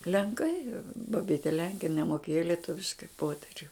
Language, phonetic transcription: Lithuanian, lenˈkai baˈbyte ˈlenke in nemoˈkėjo lieˈtuviškai ˈpoteriu

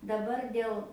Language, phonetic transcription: Lithuanian, daˈbar ˈdėl

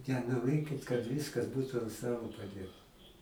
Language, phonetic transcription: Lithuanian, nenoˈrėkit kad ˈviskas ˈbūtu ant ˈstalo paˈdėta

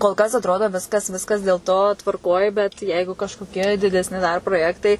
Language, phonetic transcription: Lithuanian, kol ˈkas atˈrodo ˈviskas ˈviskas dėl ˈto tvarˈkoj bet ˈjeigu kažkoˈkie didesˈni dar proˈjektai

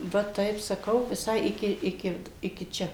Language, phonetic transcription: Lithuanian, ˈva ˈtaip saˈkau viˈsai ˈiki ˈiki ˈiki ˈčia

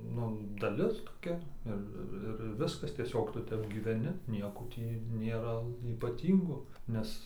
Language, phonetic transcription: Lithuanian, ˈnu daˈlis toˈkia ˈir ir ir ˈviskas tieˈsiog ˈtu ˈtep gyveˈni ˈnieko ˈtį nėˈra ypaˈtyngo ˈnes

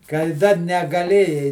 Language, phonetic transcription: Lithuanian, kai ˈdar negaˈlėjai

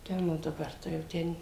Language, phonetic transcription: Lithuanian, ˈten o daˈbar tai jau ˈten

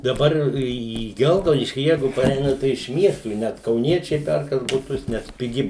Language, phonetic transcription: Lithuanian, daˈbar į ˈgelgaudiškį ˈjeigu paˈreina tai iš ˈmiestų i ˈnet kauˈniečiai ˈperkas buˈtus nes piˈgi

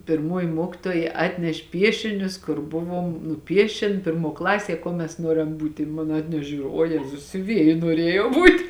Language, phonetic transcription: Lithuanian, pirˈmoji ˈmuokitoja ˈatneš' ˈpiešinius kur ˈbuvom nuˈpiešėn ˈpirˌmuo ˈklasie ˈkuo mes ˈnuorem ˈbūti i 'mon ˈatnešė ˈžiūriu o ˈjezus siuˈvieji nuoˈriejau ˈbūt'

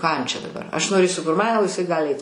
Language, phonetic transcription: Lithuanian, ką jam čia daˈbar aš noˈrėsiu kur ˈman o iˈsai ˈgali ˈait

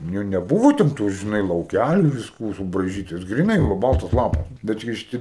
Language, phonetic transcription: Lithuanian, ˈnu neˈbūvo ten ˈtų žiˈnai lauˈkæliu visˈko subraiˈžytais griˈnai ˈvo ˈbaltas ˈlapas ˈbet kai šiˈti

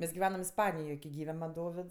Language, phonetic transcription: Lithuanian, ˈmes giˈvenam isˈpanijoj ki ˈgyve man ˈdovids

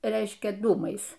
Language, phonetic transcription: Lithuanian, ˈreiškia ˈdūmais

